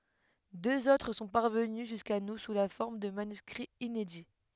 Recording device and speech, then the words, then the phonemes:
headset microphone, read sentence
Deux autres sont parvenus jusqu’à nous sous la forme de manuscrits inédits.
døz otʁ sɔ̃ paʁvəny ʒyska nu su la fɔʁm də manyskʁiz inedi

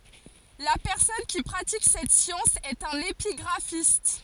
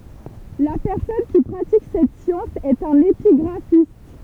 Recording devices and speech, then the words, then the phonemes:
forehead accelerometer, temple vibration pickup, read sentence
La personne qui pratique cette science est un épigraphiste.
la pɛʁsɔn ki pʁatik sɛt sjɑ̃s ɛt œ̃n epiɡʁafist

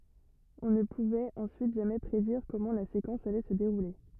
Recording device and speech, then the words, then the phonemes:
rigid in-ear microphone, read sentence
On ne pouvait ensuite jamais prédire comment la séquence allait se dérouler.
ɔ̃ nə puvɛt ɑ̃syit ʒamɛ pʁediʁ kɔmɑ̃ la sekɑ̃s alɛ sə deʁule

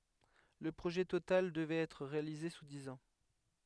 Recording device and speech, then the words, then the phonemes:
headset microphone, read sentence
Le projet total devrait être réalisé sous dix ans.
lə pʁoʒɛ total dəvʁɛt ɛtʁ ʁealize su diz ɑ̃

